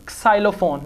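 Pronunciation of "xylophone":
'Xylophone' is pronounced incorrectly here.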